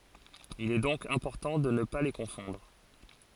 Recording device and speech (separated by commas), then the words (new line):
forehead accelerometer, read sentence
Il est donc important de ne pas les confondre.